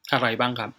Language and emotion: Thai, frustrated